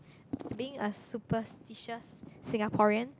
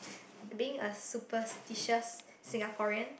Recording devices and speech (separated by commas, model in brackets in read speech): close-talking microphone, boundary microphone, conversation in the same room